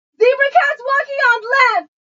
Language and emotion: English, sad